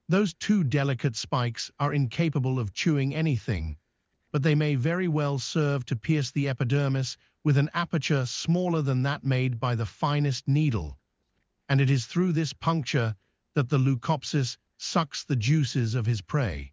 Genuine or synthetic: synthetic